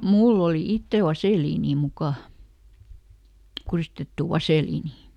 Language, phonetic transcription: Finnish, "mull ‿oli ˈitteˡ "vasèliinii ˈmukà , ˈkurìstettù ˈvasèliinì .
- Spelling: minulla oli itsellä vaseliinia mukana kuristettu vaseliinia

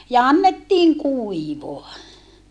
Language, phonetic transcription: Finnish, ja annettiiŋ kuivoa .
- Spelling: ja annettiin kuivaa

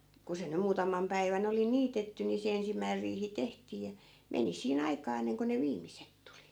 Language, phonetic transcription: Finnish, ku se nym 'muutam̆mam päivän ‿oli "niitetty ni se 'ensimmäir riihi 'tehtii ja , "meni sii'n ‿aikaa enneŋko ne 'viimiset tuli .
- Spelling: kun se nyt muutaman päivän oli niitetty niin se ensimmäinen riihi tehtiin ja meni siinä aikaa ennen kuin ne viimeiset tuli

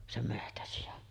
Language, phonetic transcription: Finnish, 'sem 'mehtäsijan .
- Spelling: sen metsäsian

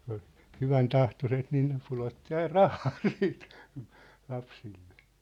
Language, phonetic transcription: Finnish, kᴜɴ ‿ᴏʟ , 'hyväntahtoset niin ne 'pulotti ain "rahaa siit , 'lapsillᴇ .
- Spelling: kun oli hyväntahtoiset niin ne pudotti aina rahaa sitten lapsille

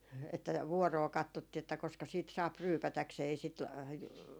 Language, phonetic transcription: Finnish, että , 'vuɔroo 'kattottii että koska siit 'saap "ryypätäksee ei sit ,.
- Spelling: että vuoroon katsottiin että koska siitä saa ryypätäkseen ei sitä

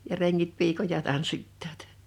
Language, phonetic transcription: Finnish, ja 'reŋŋit 'piikoja 'tanssittaat .
- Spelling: ja rengit piikoja tanssittavat

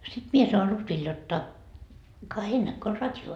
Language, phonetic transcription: Finnish, sit 'mie sa₍on 'Lutvil jotta , » ka 'heil 'näkkö o "rat́jo .
- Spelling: sitten minä sanon Lutville jotta ka heillä näkyy on radio

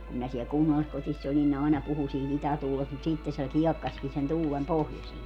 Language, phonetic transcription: Finnish, kum minä siɛl "kunnalliskotiss ‿olin ne 'àena 'puhu sii't ‿itätuulest mut 'sìtte se "kiɛkkaski sen 'tuulem "pohjosie .
- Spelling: kun minä siellä kunnalliskodissa olin ne aina puhui siitä itätuulesta mutta sitten se kiekkasikin sen tuulen pohjoiseen

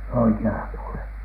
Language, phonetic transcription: Finnish, oiki₍ala puolen .
- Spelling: oikealla puolen

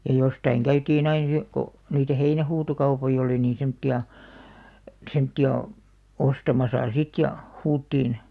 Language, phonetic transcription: Finnish, ja 'jostaiŋ 'käytiin ‿ain- (jo-) , ko , niitä "heinähuutokaupoi'ʲ ‿olì niiḭ 'semᵒtti₍a , 'semtti₍a , 'ostamasa "sit ja , 'huuttiin ,.
- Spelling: ja jostakin käytiin - - kun niitä heinähuutokauppoja oli niin semmoisia semmoisia ostamassa sitten ja huudettiin

